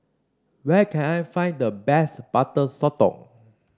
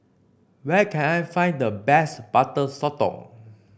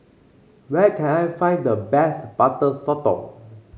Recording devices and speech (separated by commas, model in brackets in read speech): standing microphone (AKG C214), boundary microphone (BM630), mobile phone (Samsung C5), read sentence